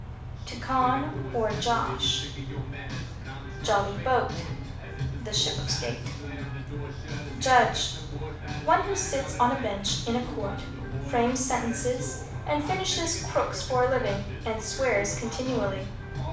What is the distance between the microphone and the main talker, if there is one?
5.8 m.